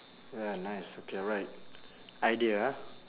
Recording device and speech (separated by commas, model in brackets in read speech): telephone, conversation in separate rooms